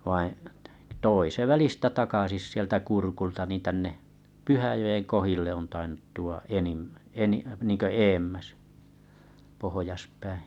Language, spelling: Finnish, vaan toi se välistä takaisin sieltä Kurkulta niin tänne Pyhäjoen kohdille on tainnut tuoda enimmän - niin kuin edemmäs pohjaspäin
- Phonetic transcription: vaiḭ , 'toi se 'välistä 'takasis sieltä 'Kurkulta ni tänne , 'Pyhäjoen 'kohille on tainuttu₍a 'enimmä eni- niiŋkö 'eemmäs , pohojaspäi .

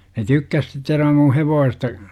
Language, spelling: Finnish, ne tykkäsi sitten sen verran minun hevosesta
- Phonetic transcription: ne 'tykkäs sit (sev verram) mu "hevoosesta .

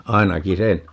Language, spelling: Finnish, ainakin sen
- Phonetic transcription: 'ainaki "se(n) .

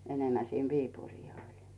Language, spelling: Finnish, enemmän sinne Viipuriin oli
- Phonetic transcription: 'enemmä sin "Viipurii oĺ .

